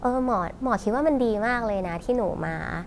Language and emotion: Thai, happy